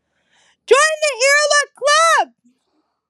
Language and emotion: English, sad